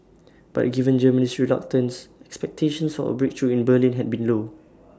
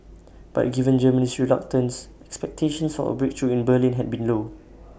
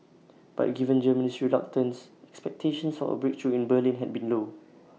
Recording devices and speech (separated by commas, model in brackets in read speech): standing microphone (AKG C214), boundary microphone (BM630), mobile phone (iPhone 6), read sentence